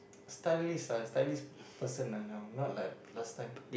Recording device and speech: boundary microphone, conversation in the same room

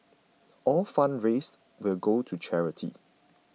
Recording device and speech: mobile phone (iPhone 6), read sentence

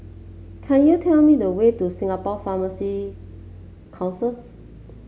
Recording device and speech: mobile phone (Samsung C7), read sentence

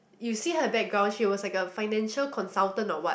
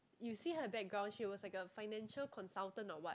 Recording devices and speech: boundary microphone, close-talking microphone, conversation in the same room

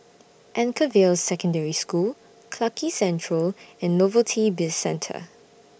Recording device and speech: boundary microphone (BM630), read sentence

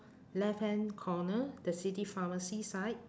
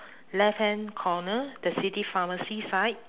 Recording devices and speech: standing microphone, telephone, conversation in separate rooms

